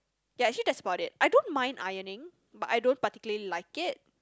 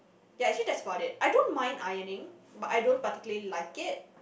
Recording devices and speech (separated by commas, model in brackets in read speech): close-talking microphone, boundary microphone, conversation in the same room